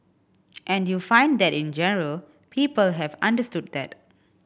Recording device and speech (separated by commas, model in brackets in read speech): boundary microphone (BM630), read sentence